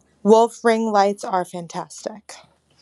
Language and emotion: English, angry